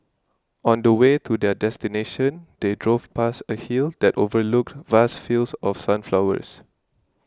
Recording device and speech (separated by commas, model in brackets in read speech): close-talking microphone (WH20), read sentence